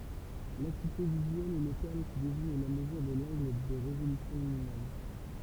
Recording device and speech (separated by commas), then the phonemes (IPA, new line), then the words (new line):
temple vibration pickup, read sentence
lakyite vizyɛl ɛ lə tɛʁm ki deziɲ la məzyʁ də lɑ̃ɡl də ʁezolysjɔ̃ minimɔm
L’acuité visuelle est le terme qui désigne la mesure de l’angle de résolution minimum.